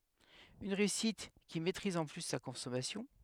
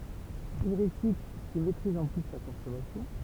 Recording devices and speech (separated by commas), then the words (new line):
headset microphone, temple vibration pickup, read sentence
Une réussite, qui maîtrise en plus sa consommation.